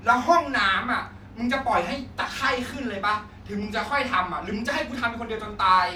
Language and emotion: Thai, angry